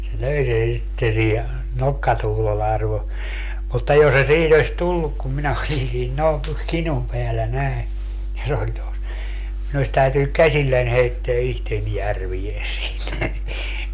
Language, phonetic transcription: Finnish, se 'löi sen̬ sitte siihe , 'nokkatuhlolle arvo , mutta 'jos se 'sihin ‿oś "tulluk kum minä olin siin ('nòi̮n tos) 'kinum peällä 'nä̀i̮ , ja 'se oĺ tos , 'minu os 'täytynyk "käśillän 'heitteä 'ihten "järvie siit .
- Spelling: se löi sen sitten siihen nokkatuhdolle arvon mutta jos se siihen olisi tullut kun minä olin siinä noin tuossa kinun päällä näin ja se oli tuossa minun olisi täytynyt käsilläni heittää itseni järveen siitä

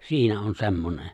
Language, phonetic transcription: Finnish, 'siinä on 'se̬mmone .
- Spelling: siinä on semmoinen

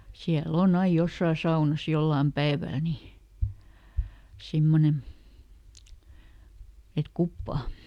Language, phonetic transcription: Finnish, ˈsiäˈl ‿oˈn ‿aij "jossaa ˈsaunas ˈjollaam "päeväl ni , ˈsimmonen̬ , et "kuppaa .
- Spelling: siellä on aina jossakin saunassa jollakin päivällä niin semmoinen että kuppaa

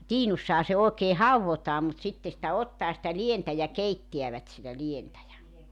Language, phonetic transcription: Finnish, "tiinussaha se òekee "hauwvotaa mut 'sitte sⁱtä 'ottaa sⁱtä "lientä ja "keittiävät sitä 'lientä ja .
- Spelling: tiinussahan se oikein haudotaan mutta sitten sitä ottaa sitä lientä ja keittävät sitä lientä ja

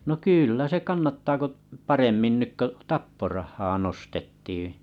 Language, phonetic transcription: Finnish, no 'kỳllä se 'kannattaa ko t- , 'paremmin 'nyk ko "tapporahhaa 'nostettiiⁱ̰ .
- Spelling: no kyllä se kannattaa kun - paremmin nyt kun tapporahaa nostettiin

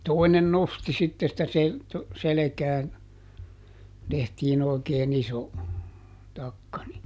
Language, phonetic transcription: Finnish, ˈtoinen "nosti ˈsitte sⁱtä se- , ˈselekään , ˈtehtiin ‿òikee"n ‿iso , ˈtakka ni ,.
- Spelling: toinen nosti sitten sitä - selkään tehtiin oikein iso takka niin

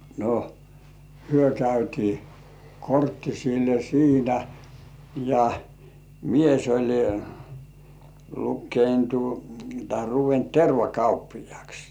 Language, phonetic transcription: Finnish, no , 'hyö käytii , 'korttisille "siinä , ja , 'mies oĺ lukkeintu tahe 'ruvent 'terva"kauppijŏàks .
- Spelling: no he käytiin korttisille siinä ja mies oli lukeitui tai ruvennut tervakauppiaaksi

